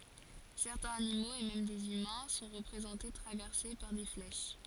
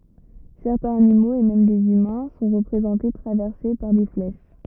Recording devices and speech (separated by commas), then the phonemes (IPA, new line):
forehead accelerometer, rigid in-ear microphone, read sentence
sɛʁtɛ̃z animoz e mɛm dez ymɛ̃ sɔ̃ ʁəpʁezɑ̃te tʁavɛʁse paʁ de flɛʃ